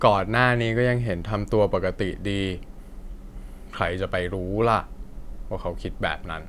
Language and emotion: Thai, frustrated